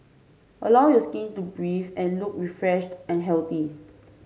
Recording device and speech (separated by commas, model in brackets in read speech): mobile phone (Samsung C5), read sentence